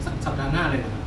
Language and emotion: Thai, neutral